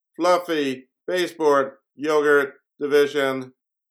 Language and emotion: English, sad